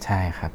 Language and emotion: Thai, neutral